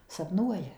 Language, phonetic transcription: Lithuanian, sapˈnuoja

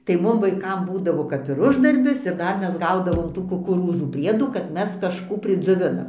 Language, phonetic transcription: Lithuanian, tai ˈmum vaiˈkam ˈbūdavo kap ir ˈuždarbis ir ˈdar ˈmes ˈgaudavom ˈtų kukuˈrūzų ˈpriedų kad ˈmes kažˈkų pridzioˈvinam

